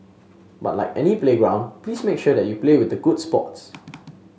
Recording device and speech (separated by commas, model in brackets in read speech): mobile phone (Samsung S8), read sentence